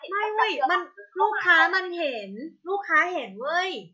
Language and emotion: Thai, frustrated